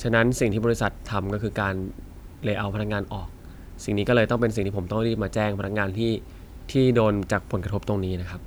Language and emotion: Thai, sad